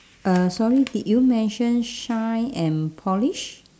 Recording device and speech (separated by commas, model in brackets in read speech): standing microphone, conversation in separate rooms